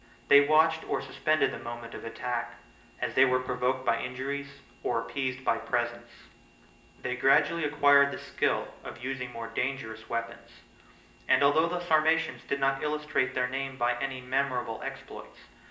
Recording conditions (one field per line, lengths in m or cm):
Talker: one person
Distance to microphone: 1.8 m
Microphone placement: close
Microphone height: 1.0 m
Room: large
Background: none